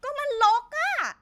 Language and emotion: Thai, angry